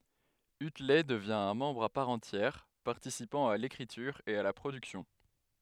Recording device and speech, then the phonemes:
headset microphone, read sentence
ytlɛ dəvjɛ̃ œ̃ mɑ̃bʁ a paʁ ɑ̃tjɛʁ paʁtisipɑ̃ a lekʁityʁ e a la pʁodyksjɔ̃

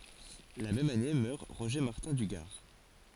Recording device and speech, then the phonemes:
forehead accelerometer, read sentence
la mɛm ane mœʁ ʁoʒe maʁtɛ̃ dy ɡaʁ

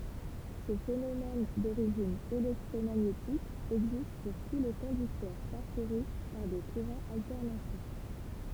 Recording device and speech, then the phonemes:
temple vibration pickup, read sentence
sə fenomɛn doʁiʒin elɛktʁomaɲetik ɛɡzist puʁ tu le kɔ̃dyktœʁ paʁkuʁy paʁ de kuʁɑ̃z altɛʁnatif

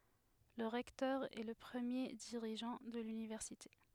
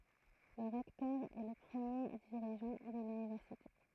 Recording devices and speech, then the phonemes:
headset microphone, throat microphone, read sentence
lə ʁɛktœʁ ɛ lə pʁəmje diʁiʒɑ̃ də lynivɛʁsite

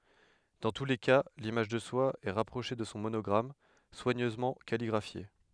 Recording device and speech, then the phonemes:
headset microphone, read sentence
dɑ̃ tu le ka limaʒ də swa ɛ ʁapʁoʃe də sɔ̃ monɔɡʁam swaɲøzmɑ̃ kaliɡʁafje

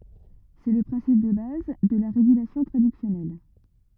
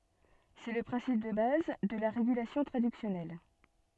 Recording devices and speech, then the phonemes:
rigid in-ear microphone, soft in-ear microphone, read sentence
sɛ lə pʁɛ̃sip də baz də la ʁeɡylasjɔ̃ tʁadyksjɔnɛl

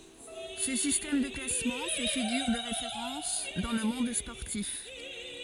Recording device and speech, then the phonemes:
forehead accelerometer, read sentence
sə sistɛm də klasmɑ̃ fɛ fiɡyʁ də ʁefeʁɑ̃s dɑ̃ lə mɔ̃d spɔʁtif

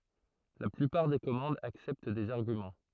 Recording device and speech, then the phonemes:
throat microphone, read sentence
la plypaʁ de kɔmɑ̃dz aksɛpt dez aʁɡymɑ̃

